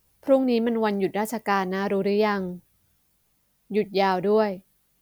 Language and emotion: Thai, neutral